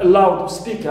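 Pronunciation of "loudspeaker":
'loudspeaker' is said as a phrase, 'loud speaker', with the stress on 'speaker', not on 'loud'.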